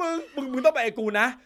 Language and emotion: Thai, happy